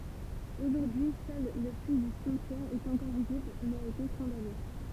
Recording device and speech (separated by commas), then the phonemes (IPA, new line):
temple vibration pickup, read sentence
oʒuʁdyi sœl lə pyi dy simtjɛʁ ɛt ɑ̃kɔʁ vizibl mɛz a ete kɔ̃dane